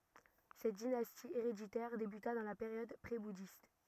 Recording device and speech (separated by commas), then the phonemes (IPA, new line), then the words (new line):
rigid in-ear microphone, read sentence
sɛt dinasti eʁeditɛʁ debyta dɑ̃ la peʁjɔd pʁebudist
Cette dynastie héréditaire débuta dans la période prébouddhiste.